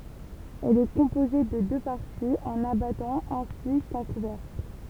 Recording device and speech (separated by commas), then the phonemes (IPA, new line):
temple vibration pickup, read sentence
ɛl ɛ kɔ̃poze də dø paʁtiz œ̃n abatɑ̃ ɛ̃si kœ̃ kuvɛʁkl